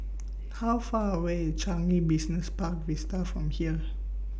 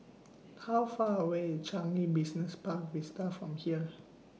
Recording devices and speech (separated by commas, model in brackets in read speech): boundary microphone (BM630), mobile phone (iPhone 6), read sentence